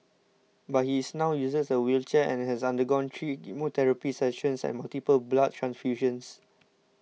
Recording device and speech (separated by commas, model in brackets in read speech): mobile phone (iPhone 6), read sentence